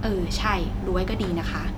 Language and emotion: Thai, neutral